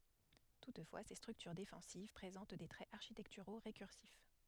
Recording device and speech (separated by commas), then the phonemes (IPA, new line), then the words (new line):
headset microphone, read sentence
tutfwa se stʁyktyʁ defɑ̃siv pʁezɑ̃t de tʁɛz aʁʃitɛktyʁo ʁekyʁsif
Toutefois, ces structures défensives présentent des traits architecturaux récursifs.